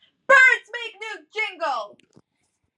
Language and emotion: English, angry